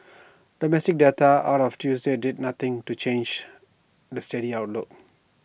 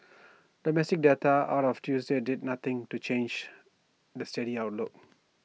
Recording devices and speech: boundary microphone (BM630), mobile phone (iPhone 6), read sentence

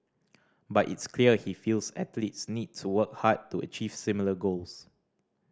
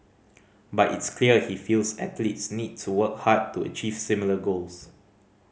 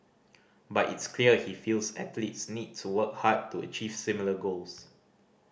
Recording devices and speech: standing microphone (AKG C214), mobile phone (Samsung C5010), boundary microphone (BM630), read sentence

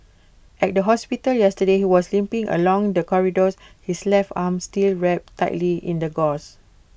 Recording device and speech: boundary microphone (BM630), read sentence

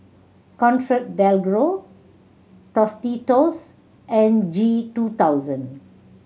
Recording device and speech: mobile phone (Samsung C7100), read sentence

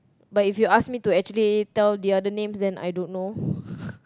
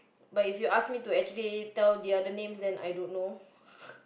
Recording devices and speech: close-talking microphone, boundary microphone, conversation in the same room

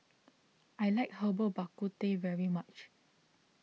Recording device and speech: mobile phone (iPhone 6), read sentence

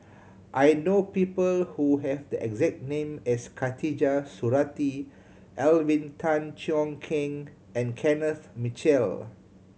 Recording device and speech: mobile phone (Samsung C7100), read sentence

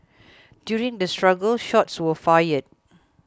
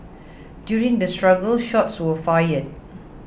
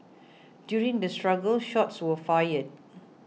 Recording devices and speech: close-talking microphone (WH20), boundary microphone (BM630), mobile phone (iPhone 6), read sentence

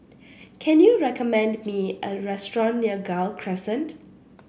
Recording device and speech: boundary microphone (BM630), read sentence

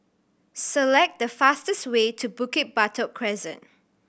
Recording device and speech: boundary microphone (BM630), read sentence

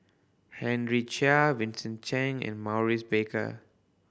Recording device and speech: boundary microphone (BM630), read sentence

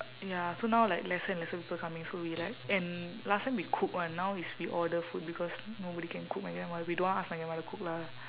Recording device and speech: telephone, conversation in separate rooms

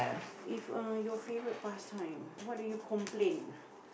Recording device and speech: boundary microphone, conversation in the same room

